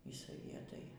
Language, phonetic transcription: Lithuanian, y saˈvietai

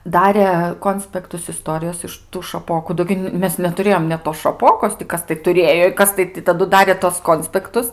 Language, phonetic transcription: Lithuanian, ˈdarė ˈkonspektus iˈstorijos iš tų šaˈpoku ˈdo gi ˈmes netuˈrėjom net tos šaˈpokos ti ˈkas tai tuˈrėjo i ˈkas tai taˈdu ˈdarė tuos ˈkonspektus

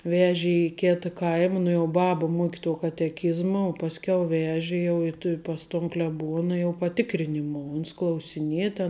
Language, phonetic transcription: Lithuanian, ˈvežė i ˈkėta ˈkaima nu jau ˈbaba ˈmuoki tuo kateˈkizma o pasˈkiau ˈveži jau i tu ˈpas ton kleˈbuona jau paˈtikrinimuo uns klausiˈnie ten

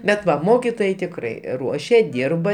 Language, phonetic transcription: Lithuanian, bet ˈva ˈmokitojai tikˈrai ˈruošia ˈdyrba

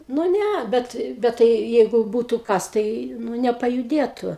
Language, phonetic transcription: Lithuanian, nu ˈnæ ˈbet ˈbet tai ˈjeigu ˈbūtu ˈkas tai ˈnu nepajuˈdėtu

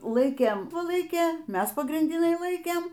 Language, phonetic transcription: Lithuanian, ˈlaikėm pu ˈlaikė ˈmes pagrindiˈnai ˈlaikėm

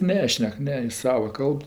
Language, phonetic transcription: Lithuanian, ˈnešnek ˈne jis ˈsava ˈkalb

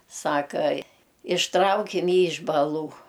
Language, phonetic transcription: Lithuanian, ˈsaka išˈtraukim ˈjį iš baˈlų

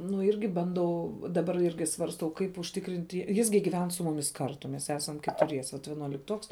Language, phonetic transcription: Lithuanian, nu ˈirgi banˈdau daˈbar ˈirgi svarsˈtau ˈkaip užˈtikrint' ˈjis gi giˈven su muˈmis ˈkartu mes ˈesam ketuˈriese vat vienuolikˈtuoks

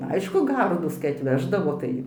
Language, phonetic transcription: Lithuanian, ˈaišku ˈgardūs kai atˈveždavo ˈtai

